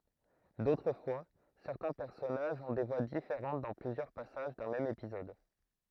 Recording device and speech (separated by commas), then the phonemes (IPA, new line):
throat microphone, read sentence
dotʁ fwa sɛʁtɛ̃ pɛʁsɔnaʒz ɔ̃ de vwa difeʁɑ̃t dɑ̃ plyzjœʁ pasaʒ dœ̃ mɛm epizɔd